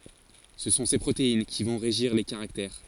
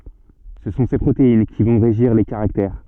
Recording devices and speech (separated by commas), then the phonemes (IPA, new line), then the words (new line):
forehead accelerometer, soft in-ear microphone, read sentence
sə sɔ̃ se pʁotein ki vɔ̃ ʁeʒiʁ le kaʁaktɛʁ
Ce sont ces protéines qui vont régir les caractères.